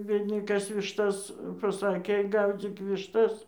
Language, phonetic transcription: Lithuanian, ˈbiedni ˈkas višˈtas paˈsakė ˈgaudzyk višˈtas

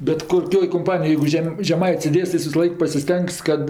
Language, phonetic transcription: Lithuanian, bet koˈkioj komˈpanijoj jeigu ˈžem žeˈmait's' sėˈdės tai ˈjis visaˈlaik pasiˈstengs kad

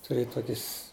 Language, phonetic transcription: Lithuanian, tuˈrėja ˈtokis

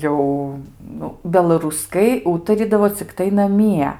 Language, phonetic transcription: Lithuanian, ˈjau ˈnu belaruˈskai ˈūtarydavo cikˈtai naˈmie

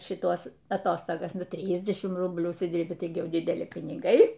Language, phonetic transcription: Lithuanian, šiˈtuos aˈtostogas ˈnu ˈtrydešimt ˈrublių užsiˈdyrbi ˈtaigi ˈjau dideˈli piniˈgai

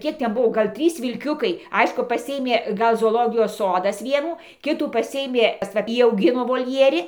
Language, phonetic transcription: Lithuanian, ˈkiek ˈten ˈbuvo ˈgal' ˈtrys vilˈkiukai ˈaišku paˈsiėmė ˈgal zooˈlogijos ˈsodas ˈvienų ˈkitų paˈsiėmė va ˈjį auˈgino volˈjieri

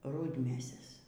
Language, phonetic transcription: Lithuanian, ˈrudmėses

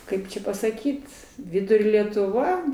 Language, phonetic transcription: Lithuanian, ˈkaip čia pasaˈkyt ˈvidurio letuˈva

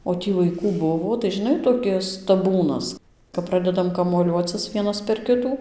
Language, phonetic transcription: Lithuanian, o ˈtį vaiˈkų ˈbuvo tai žiˈnai toˈkis taˈbūnas kap ˈpradedam kamuoˈliuocis ˈvienas per ˈkitų

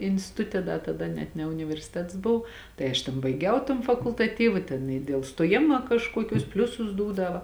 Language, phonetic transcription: Lithuanian, instiˈtute ˈda taˈda net ne universiˈtets ˈbov ˈtai aš tėn ˈbaigiau ton fakultaˈtyva ˈtėn i dėl stoˈjima kažˈkuokius ˈpliusus ˈdūdava

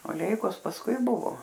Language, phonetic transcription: Lithuanian, o ˈleikos pasˈkui ˈbuvo

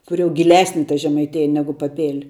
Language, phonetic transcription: Lithuanian, ˈkur jau giˈlesni ta žemaiˈtėja ˈnegu paˈpėl'

